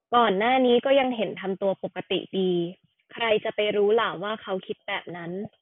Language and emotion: Thai, neutral